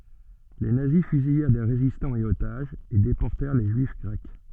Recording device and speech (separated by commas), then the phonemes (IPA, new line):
soft in-ear microphone, read sentence
le nazi fyzijɛʁ de ʁezistɑ̃z e otaʒz e depɔʁtɛʁ le ʒyif ɡʁɛk